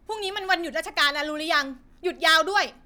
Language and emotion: Thai, angry